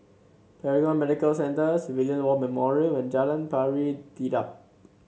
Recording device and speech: mobile phone (Samsung C7), read sentence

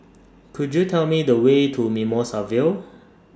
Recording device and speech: standing microphone (AKG C214), read sentence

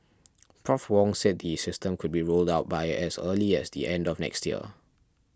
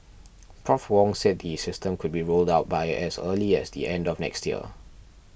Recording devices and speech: standing microphone (AKG C214), boundary microphone (BM630), read sentence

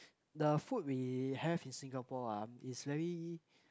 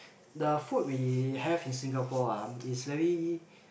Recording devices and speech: close-talking microphone, boundary microphone, conversation in the same room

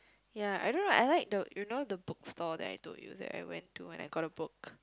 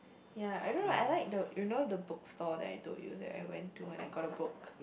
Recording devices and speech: close-talking microphone, boundary microphone, conversation in the same room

